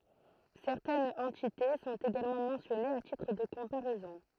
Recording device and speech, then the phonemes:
throat microphone, read sentence
sɛʁtɛnz ɑ̃tite sɔ̃t eɡalmɑ̃ mɑ̃sjɔnez a titʁ də kɔ̃paʁɛzɔ̃

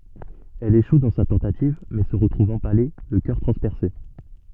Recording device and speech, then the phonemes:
soft in-ear microphone, read sentence
ɛl eʃu dɑ̃ sa tɑ̃tativ mɛ sə ʁətʁuv ɑ̃pale lə kœʁ tʁɑ̃spɛʁse

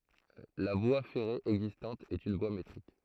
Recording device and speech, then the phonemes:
throat microphone, read sentence
la vwa fɛʁe ɛɡzistɑ̃t ɛt yn vwa metʁik

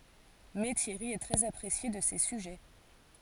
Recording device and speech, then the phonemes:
forehead accelerometer, read sentence
mɛ tjɛʁi ɛ tʁɛz apʁesje də se syʒɛ

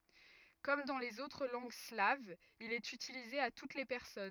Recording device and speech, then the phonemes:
rigid in-ear microphone, read sentence
kɔm dɑ̃ lez otʁ lɑ̃ɡ slavz il ɛt ytilize a tut le pɛʁsɔn

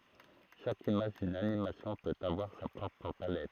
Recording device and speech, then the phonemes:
throat microphone, read sentence
ʃak imaʒ dyn animasjɔ̃ pøt avwaʁ sa pʁɔpʁ palɛt

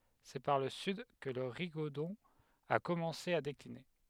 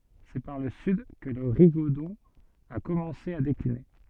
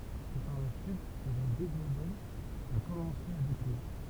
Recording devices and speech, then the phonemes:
headset microphone, soft in-ear microphone, temple vibration pickup, read sentence
sɛ paʁ lə syd kə lə ʁiɡodɔ̃ a kɔmɑ̃se a dekline

